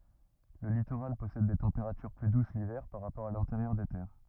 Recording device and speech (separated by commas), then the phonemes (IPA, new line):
rigid in-ear microphone, read sentence
lə litoʁal pɔsɛd de tɑ̃peʁatyʁ ply dus livɛʁ paʁ ʁapɔʁ a lɛ̃teʁjœʁ de tɛʁ